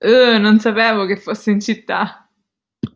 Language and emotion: Italian, disgusted